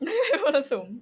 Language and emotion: Thai, happy